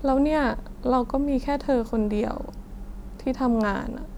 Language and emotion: Thai, sad